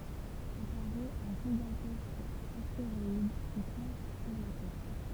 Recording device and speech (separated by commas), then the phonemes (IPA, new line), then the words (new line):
temple vibration pickup, read sentence
apaʁɛt œ̃ ʒiɡɑ̃tɛsk asteʁɔid ki fɔ̃s syʁ la tɛʁ
Apparaît un gigantesque astéroïde qui fonce sur la Terre.